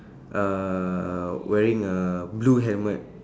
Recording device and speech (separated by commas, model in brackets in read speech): standing microphone, conversation in separate rooms